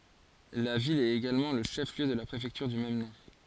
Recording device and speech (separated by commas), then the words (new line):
forehead accelerometer, read sentence
La ville est également le chef-lieu de la préfecture du même nom.